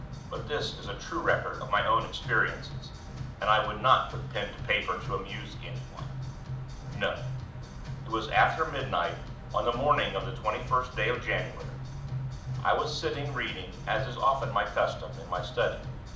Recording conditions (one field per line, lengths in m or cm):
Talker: one person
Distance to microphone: 2.0 m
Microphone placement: close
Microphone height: 99 cm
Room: medium-sized (5.7 m by 4.0 m)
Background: music